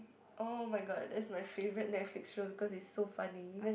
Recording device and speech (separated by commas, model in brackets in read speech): boundary microphone, conversation in the same room